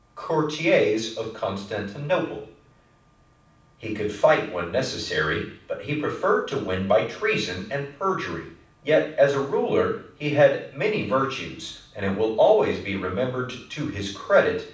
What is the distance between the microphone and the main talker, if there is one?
5.8 m.